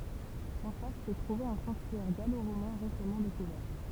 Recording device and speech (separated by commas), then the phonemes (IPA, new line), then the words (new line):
temple vibration pickup, read sentence
ɑ̃ fas sə tʁuvɛt œ̃ sɑ̃ktyɛʁ ɡaloʁomɛ̃ ʁesamɑ̃ dekuvɛʁ
En face se trouvait un sanctuaire gallo-romain récemment découvert.